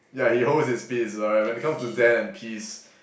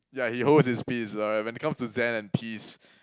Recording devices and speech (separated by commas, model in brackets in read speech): boundary microphone, close-talking microphone, conversation in the same room